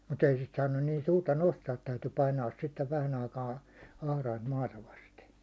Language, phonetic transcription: Finnish, mut ‿ei sit saannun niin 'suurta 'nostaat täyty painaas sittev vähän ‿aikaa , 'ahraint 'maata vaste .
- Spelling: mutta ei sitä saanut niin suurta nostaa täytyi painaa sitten vähän aikaa atrainta maata vasten

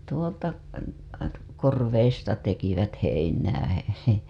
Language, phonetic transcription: Finnish, 'tuolta , 'korveista tekivät heinää , heh .
- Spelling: tuolta korvista tekivät heinää heh

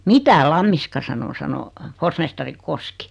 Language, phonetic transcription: Finnish, » "mitä 'Lammiska sano « 'sano , 'forsmestari 'Koski .
- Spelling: mitä Lammiska sanoi sanoi forsmestari Koski

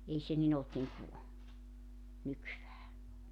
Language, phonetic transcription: Finnish, 'ei se nin ‿olt niŋku , 'nykyvää .
- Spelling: ei se niin ollut niin kuin nykyään

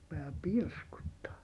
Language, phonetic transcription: Finnish, rupeaa pirskuttaa .
- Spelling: rupeaa pirskuttamaan

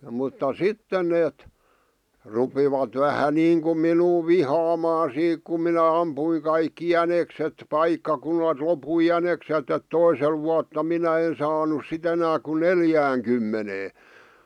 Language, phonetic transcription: Finnish, mutta "sitten neet , 'rupivat vähä 'niiŋkum minuu "vihaamaa 'siik kum minä 'ampuiŋ kaikki "jänekset "paikkakunalt lopui "jäneksetᵗ ‿et "toisel vuatta 'minä en saanus 'si't ‿enää ku "neljääŋkymmenee .
- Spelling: mutta sitten ne rupesivat vähän niin kuin minua vihaamaan siitä kun minä ammuin kaikki jänikset paikkakunnalta loppui jänikset että toisella vuotta minä en saanut sitten enää kuin neljäänkymmeneen

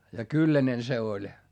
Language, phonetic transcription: Finnish, ja kyllänen se oĺ .
- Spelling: ja kylläinen se oli

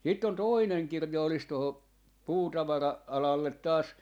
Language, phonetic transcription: Finnish, 'sitt ‿on 'tòineŋ 'kirja olis toho , 'puutavara- , 'alallet taas , .
- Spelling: sitten on toinen kirja olisi tuohon - puutavara-alalle taas

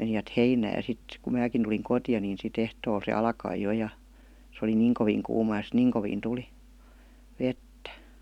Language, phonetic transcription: Finnish, 'menivät "heinää ja 'sit , ku 'määkin tuliŋ "kotⁱja ni si't ‿ehtool se "alkai 'jo ja , s ‿oli "niiŋ koviiŋ 'kuuma ja sit "niiŋ koviin 'tuli , 'vettä .
- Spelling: menivät heinään ja sitten kun minäkin tulin kotia niin sitten ehtoolla se alkoi jo ja se oli niin kovin kuuma ja sitten niin kovin tuli vettä

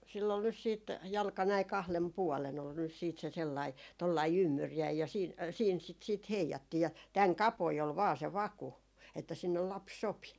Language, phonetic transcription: Finnish, sill ‿ol nys siit , 'jalka näi "kahlen 'puɔlen ‿ol nys siit se 'sellai , tollai "ymmyrjäi ja , ja siin , siin sit siit "heijattii , ja 'täŋ "kapoi ol 'vaa se "vaku , että sinnel "laps 'sopi .
- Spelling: sillä oli nyt sitten jalka näin kahden puolen oli nyt sitten se sellainen tuollainen ymmyriäinen ja ja siinä siinä sitä sitten heijattiin ja tämän kapoinen oli vain se vaku että sinne lapsi sopi

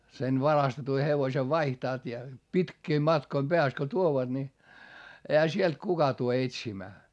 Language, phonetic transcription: Finnish, sen varastetu hevośev vaihtaat ja , pitkiim matkoim Beäst ko tuovaD ni , ehä sielt kuka tu(le) etsimää .
- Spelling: sen varastetun hevosen vaihtavat ja pitkien matkojen päästä kun tuovat niin eihän sieltä kukaan tule etsimään

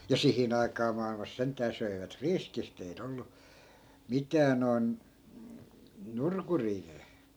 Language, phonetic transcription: Finnish, ja 'sihin ‿aikaa ma₍ilmas 'sent̆tää söivät "riskist ‿ei't ‿ollu , 'mitää noi̮n , 'nurkurii (-re) .
- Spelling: ja siihen aikaa maailmassa sentään söivät riskisti ei ollut mitään noin nurkuria -

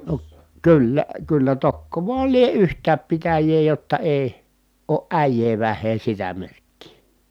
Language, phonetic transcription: Finnish, no , kyllä , kyllä tokkopa lie yht̀ääp pitäjee jotta èi̮ , oo ʼä̀ij̀ee väh̆hee sitä merkkii .
- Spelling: no kyllä kyllä tokkopa lie yhtään pitäjää jotta ei ole äijää vähän sitä merkkiä

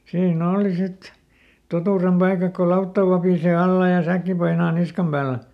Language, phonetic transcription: Finnish, ˈsiin"n ‿ooli ˈsit , ˈtotùrem ˈpaikak ko "lautta vapìsè ˈalla ja "säkki painaa ˈniskam päälä .
- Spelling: siinä oli sitten totuuden paikat kun lautta vapisee alla ja säkki painaa niskan päällä

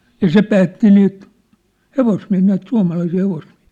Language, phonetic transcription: Finnish, jă "se "päätti niit , 'hevosmiä̭hii näit 'sua̭malaisii 'hevosmiä̭hɪɪ .
- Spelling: ja se päätti niitä hevosmiehiä näitä suomalaisia hevosmiehiä

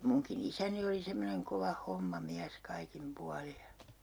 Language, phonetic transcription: Finnish, 'muŋki'n ‿isäni oli 'semmoneŋ 'kova "homma'miäs 'kaikim 'puali ja , .
- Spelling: minunkin isäni oli semmoinen kova hommamies kaikin puolin ja

